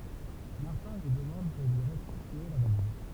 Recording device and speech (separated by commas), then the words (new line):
temple vibration pickup, read sentence
Martin lui demande de lui restituer la valise.